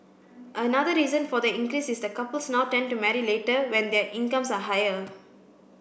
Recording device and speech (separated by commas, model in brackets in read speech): boundary microphone (BM630), read sentence